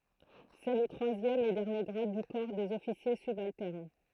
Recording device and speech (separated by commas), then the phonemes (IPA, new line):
throat microphone, read sentence
sɛ lə tʁwazjɛm e dɛʁnje ɡʁad dy kɔʁ dez ɔfisje sybaltɛʁn